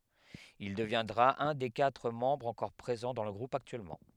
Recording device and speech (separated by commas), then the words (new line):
headset microphone, read sentence
Il deviendra un des quatre membres encore présents dans le groupe actuellement.